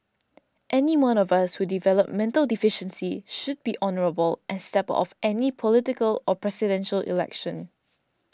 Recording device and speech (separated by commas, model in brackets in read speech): standing microphone (AKG C214), read sentence